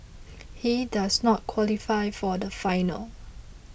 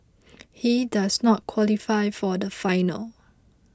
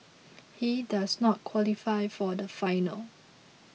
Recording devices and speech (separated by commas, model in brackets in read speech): boundary microphone (BM630), close-talking microphone (WH20), mobile phone (iPhone 6), read sentence